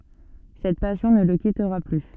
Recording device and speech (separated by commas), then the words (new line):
soft in-ear microphone, read sentence
Cette passion ne le quittera plus.